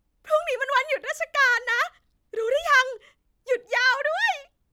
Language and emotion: Thai, happy